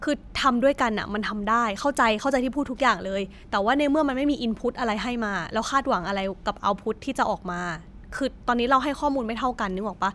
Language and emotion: Thai, frustrated